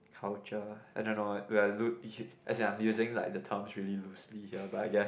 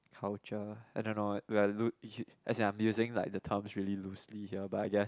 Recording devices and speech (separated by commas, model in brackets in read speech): boundary microphone, close-talking microphone, conversation in the same room